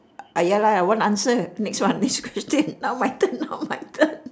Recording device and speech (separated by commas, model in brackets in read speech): standing microphone, conversation in separate rooms